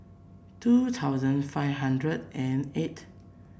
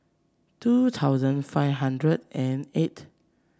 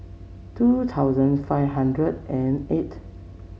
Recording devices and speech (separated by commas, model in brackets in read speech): boundary microphone (BM630), standing microphone (AKG C214), mobile phone (Samsung C7), read sentence